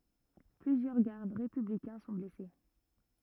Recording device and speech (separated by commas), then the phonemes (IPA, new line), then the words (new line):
rigid in-ear microphone, read sentence
plyzjœʁ ɡaʁd ʁepyblikɛ̃ sɔ̃ blɛse
Plusieurs gardes républicains sont blessés.